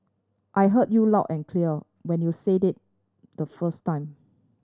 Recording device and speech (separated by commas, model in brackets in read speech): standing microphone (AKG C214), read sentence